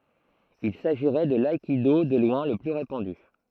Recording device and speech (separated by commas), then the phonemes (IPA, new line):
throat microphone, read sentence
il saʒiʁɛ də laikido də lwɛ̃ lə ply ʁepɑ̃dy